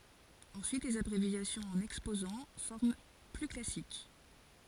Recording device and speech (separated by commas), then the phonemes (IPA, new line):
forehead accelerometer, read sentence
ɑ̃syit lez abʁevjasjɔ̃z ɑ̃n ɛkspozɑ̃ fɔʁm ply klasik